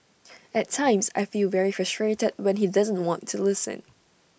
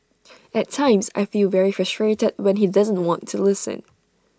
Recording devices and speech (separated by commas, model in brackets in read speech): boundary microphone (BM630), standing microphone (AKG C214), read sentence